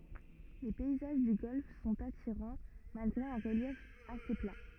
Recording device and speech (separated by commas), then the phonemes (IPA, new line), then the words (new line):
rigid in-ear microphone, read sentence
le pɛizaʒ dy ɡɔlf sɔ̃t atiʁɑ̃ malɡʁe œ̃ ʁəljɛf ase pla
Les paysages du golfe sont attirants, malgré un relief assez plat.